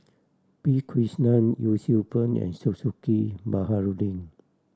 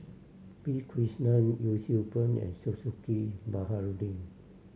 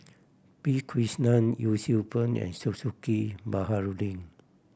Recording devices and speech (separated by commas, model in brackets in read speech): standing microphone (AKG C214), mobile phone (Samsung C7100), boundary microphone (BM630), read sentence